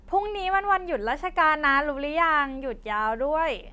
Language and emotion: Thai, happy